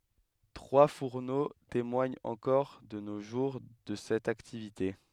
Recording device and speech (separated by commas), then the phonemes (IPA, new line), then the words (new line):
headset microphone, read sentence
tʁwa fuʁno temwaɲt ɑ̃kɔʁ də no ʒuʁ də sɛt aktivite
Trois fourneaux témoignent encore de nos jours de cette activité.